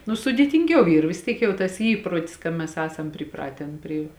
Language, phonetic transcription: Lithuanian, nu sudėtinˈgiau ˈyr vis ˈtiek jau tas ˈy ˈįprotis ka ˈmes ˈesam priˈpraten pri

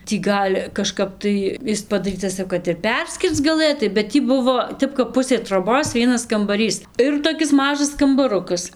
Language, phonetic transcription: Lithuanian, tį ˈgal' kaˈžkap tai ˈis padaˈrytas jau kad ir ˈperskirc gaˈlɘtai bet ˈtį ˈbuvo ˈtep kap ˈpusė troˈbos ˈvienas kambaˈrys ˈir toˈkis ˈmažas kambaˈrukas

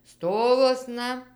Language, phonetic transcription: Lithuanian, ˈstovuosna

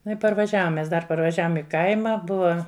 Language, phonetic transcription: Lithuanian, nu i parvaˈžiavom mes ˈdar parvaˈžiavom i ˈkaima ˈbuva

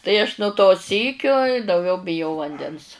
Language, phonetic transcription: Lithuanian, tai aš nu to ˈsykio i dauˈgiau biˈjau vanˈdens

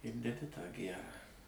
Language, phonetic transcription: Lithuanian, ir deˈdi tą ˈgærą

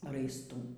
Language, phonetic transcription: Lithuanian, raisˈtų

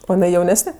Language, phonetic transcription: Lithuanian, o jiˈnai jauˈnesne

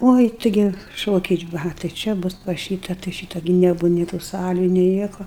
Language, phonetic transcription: Lithuanian, ˈoi ˈtigi ˈšokiai ˈva tai ˈčia ˈbus pas ˈšyta tai ˈšyta gi neˈbūva ni tų ˈsalių ni ˈnieko

